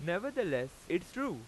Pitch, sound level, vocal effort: 175 Hz, 93 dB SPL, very loud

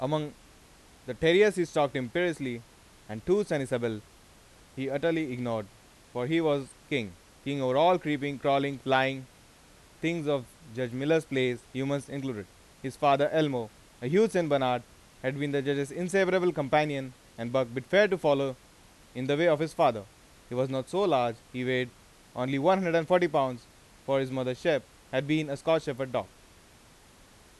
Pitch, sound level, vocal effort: 135 Hz, 92 dB SPL, loud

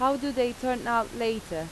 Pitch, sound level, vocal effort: 240 Hz, 87 dB SPL, normal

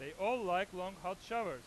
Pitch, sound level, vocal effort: 185 Hz, 103 dB SPL, loud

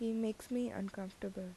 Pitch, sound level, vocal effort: 200 Hz, 76 dB SPL, soft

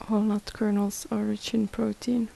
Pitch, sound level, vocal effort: 215 Hz, 74 dB SPL, soft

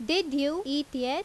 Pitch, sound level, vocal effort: 285 Hz, 89 dB SPL, very loud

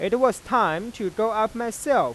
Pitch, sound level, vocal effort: 220 Hz, 98 dB SPL, normal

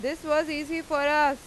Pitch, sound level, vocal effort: 300 Hz, 96 dB SPL, very loud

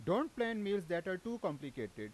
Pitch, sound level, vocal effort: 190 Hz, 92 dB SPL, very loud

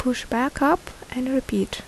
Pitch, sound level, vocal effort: 255 Hz, 72 dB SPL, soft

